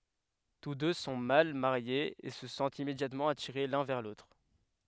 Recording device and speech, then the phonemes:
headset microphone, read sentence
tus dø sɔ̃ mal maʁjez e sə sɑ̃tt immedjatmɑ̃ atiʁe lœ̃ vɛʁ lotʁ

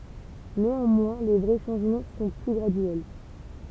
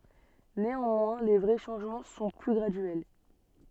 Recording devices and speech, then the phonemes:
temple vibration pickup, soft in-ear microphone, read sentence
neɑ̃mwɛ̃ le vʁɛ ʃɑ̃ʒmɑ̃ sɔ̃ ply ɡʁadyɛl

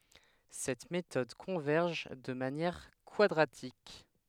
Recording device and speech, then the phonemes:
headset microphone, read sentence
sɛt metɔd kɔ̃vɛʁʒ də manjɛʁ kwadʁatik

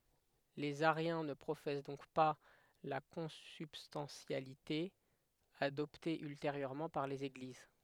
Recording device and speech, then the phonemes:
headset microphone, read sentence
lez aʁjɛ̃ nə pʁofɛs dɔ̃k pa la kɔ̃sybstɑ̃tjalite adɔpte ylteʁjøʁmɑ̃ paʁ lez eɡliz

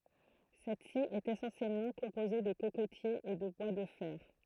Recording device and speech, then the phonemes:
throat microphone, read sentence
sɛtsi ɛt esɑ̃sjɛlmɑ̃ kɔ̃poze də kokotjez e də bwa də fɛʁ

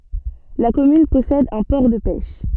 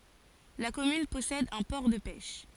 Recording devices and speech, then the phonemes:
soft in-ear microphone, forehead accelerometer, read sentence
la kɔmyn pɔsɛd œ̃ pɔʁ də pɛʃ

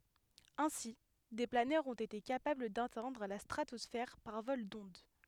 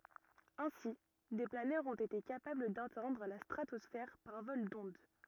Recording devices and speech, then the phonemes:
headset microphone, rigid in-ear microphone, read sentence
ɛ̃si de planœʁz ɔ̃t ete kapabl datɛ̃dʁ la stʁatɔsfɛʁ paʁ vɔl dɔ̃d

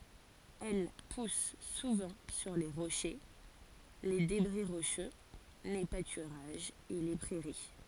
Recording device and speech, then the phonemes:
forehead accelerometer, read sentence
ɛl pus suvɑ̃ syʁ le ʁoʃe le debʁi ʁoʃø le patyʁaʒz e le pʁɛʁi

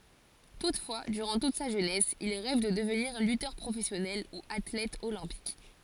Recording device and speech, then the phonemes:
forehead accelerometer, read sentence
tutfwa dyʁɑ̃ tut sa ʒønɛs il ʁɛv də dəvniʁ lytœʁ pʁofɛsjɔnɛl u atlɛt olɛ̃pik

